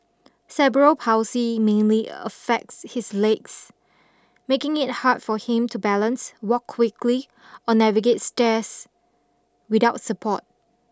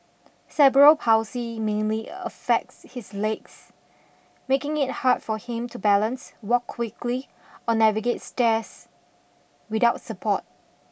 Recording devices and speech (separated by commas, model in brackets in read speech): standing microphone (AKG C214), boundary microphone (BM630), read sentence